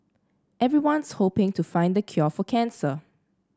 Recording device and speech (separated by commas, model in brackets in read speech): standing microphone (AKG C214), read sentence